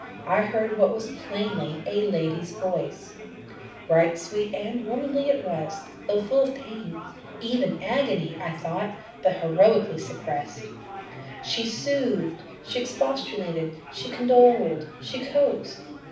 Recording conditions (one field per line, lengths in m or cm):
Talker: one person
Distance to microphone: 5.8 m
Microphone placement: far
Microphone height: 1.8 m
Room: medium-sized (5.7 m by 4.0 m)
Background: babble